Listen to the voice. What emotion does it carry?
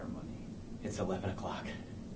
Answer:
neutral